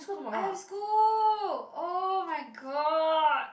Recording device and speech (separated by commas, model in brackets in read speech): boundary microphone, conversation in the same room